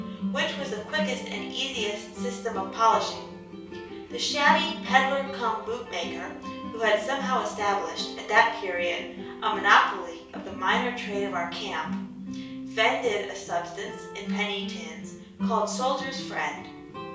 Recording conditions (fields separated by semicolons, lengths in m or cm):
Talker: one person; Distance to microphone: 3.0 m; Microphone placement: far; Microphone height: 1.8 m; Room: small (3.7 m by 2.7 m); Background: music